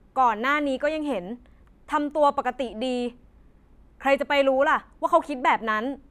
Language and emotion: Thai, angry